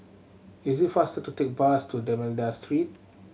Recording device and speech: mobile phone (Samsung C7100), read sentence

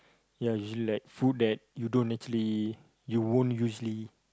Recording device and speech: close-talking microphone, conversation in the same room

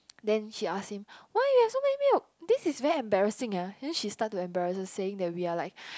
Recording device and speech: close-talking microphone, conversation in the same room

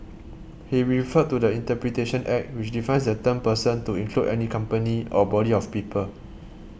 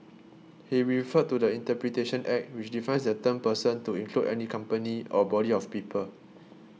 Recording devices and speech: boundary microphone (BM630), mobile phone (iPhone 6), read sentence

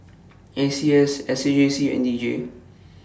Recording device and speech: standing microphone (AKG C214), read sentence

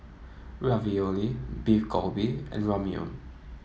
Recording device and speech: mobile phone (iPhone 7), read sentence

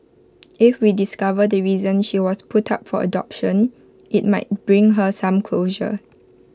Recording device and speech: close-talking microphone (WH20), read sentence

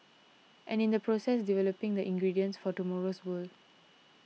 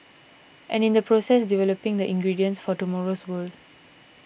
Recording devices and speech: mobile phone (iPhone 6), boundary microphone (BM630), read sentence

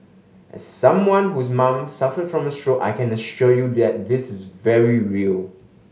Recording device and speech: mobile phone (Samsung S8), read sentence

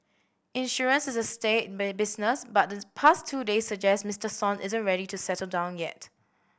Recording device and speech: boundary microphone (BM630), read sentence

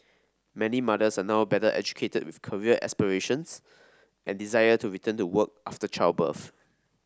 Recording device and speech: standing microphone (AKG C214), read sentence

